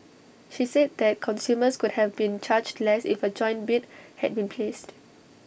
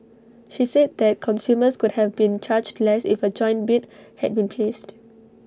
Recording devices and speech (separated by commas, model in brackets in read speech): boundary microphone (BM630), standing microphone (AKG C214), read sentence